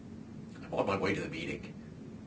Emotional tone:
neutral